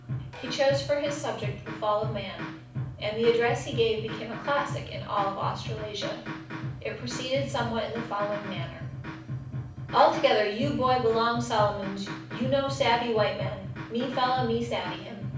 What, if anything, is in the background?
Music.